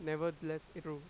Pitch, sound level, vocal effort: 155 Hz, 92 dB SPL, loud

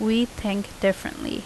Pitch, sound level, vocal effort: 220 Hz, 79 dB SPL, normal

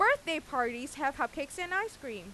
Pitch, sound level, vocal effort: 275 Hz, 95 dB SPL, very loud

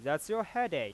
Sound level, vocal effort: 96 dB SPL, normal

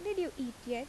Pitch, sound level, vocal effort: 265 Hz, 82 dB SPL, normal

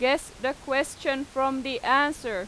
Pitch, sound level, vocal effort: 270 Hz, 94 dB SPL, very loud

